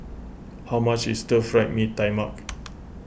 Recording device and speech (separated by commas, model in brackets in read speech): boundary microphone (BM630), read sentence